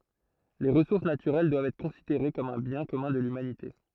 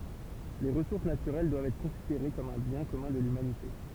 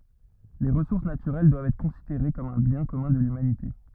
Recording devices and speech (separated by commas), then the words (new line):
throat microphone, temple vibration pickup, rigid in-ear microphone, read sentence
Les ressources naturelles doivent être considérées comme un bien commun de l'humanité.